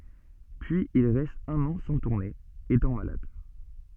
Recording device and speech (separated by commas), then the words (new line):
soft in-ear microphone, read sentence
Puis il reste un an sans tourner, étant malade.